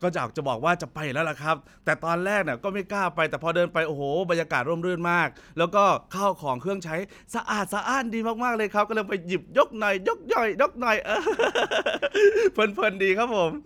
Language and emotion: Thai, happy